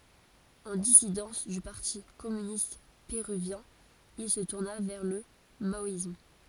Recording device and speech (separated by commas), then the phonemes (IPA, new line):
forehead accelerometer, read sentence
ɑ̃ disidɑ̃s dy paʁti kɔmynist peʁyvjɛ̃ il sə tuʁna vɛʁ lə maɔism